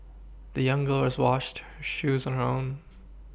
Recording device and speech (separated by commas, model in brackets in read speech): boundary microphone (BM630), read sentence